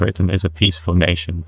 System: TTS, neural waveform model